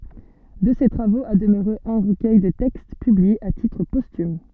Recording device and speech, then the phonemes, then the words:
soft in-ear microphone, read sentence
də se tʁavoz a dəmøʁe œ̃ ʁəkœj də tɛkst pyblie a titʁ postym
De ces travaux a demeuré un recueil de textes, publié à titre posthume.

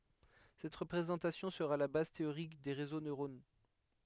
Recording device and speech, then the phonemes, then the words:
headset microphone, read sentence
sɛt ʁəpʁezɑ̃tasjɔ̃ səʁa la baz teoʁik de ʁezo nøʁono
Cette représentation sera la base théorique des réseaux neuronaux.

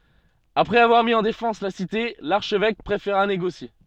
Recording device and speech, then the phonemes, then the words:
soft in-ear microphone, read sentence
apʁɛz avwaʁ mi ɑ̃ defɑ̃s la site laʁʃvɛk pʁefeʁa neɡosje
Après avoir mis en défense la cité, l'archevêque préféra négocier.

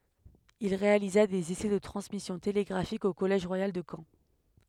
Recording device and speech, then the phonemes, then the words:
headset microphone, read sentence
il ʁealiza dez esɛ də tʁɑ̃smisjɔ̃ teleɡʁafik o kɔlɛʒ ʁwajal də kɑ̃
Il réalisa des essais de transmission télégraphique au collège royal de Caen.

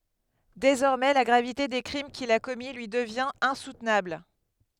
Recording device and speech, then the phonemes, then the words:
headset microphone, read sentence
dezɔʁmɛ la ɡʁavite de kʁim kil a kɔmi lyi dəvjɛ̃t ɛ̃sutnabl
Désormais, la gravité des crimes qu'il a commis lui devient insoutenable.

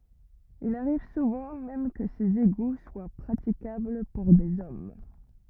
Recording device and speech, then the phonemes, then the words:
rigid in-ear microphone, read sentence
il aʁiv suvɑ̃ mɛm kə sez eɡu swa pʁatikabl puʁ dez ɔm
Il arrive souvent même que ces égouts soient praticables pour des hommes.

